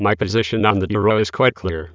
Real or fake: fake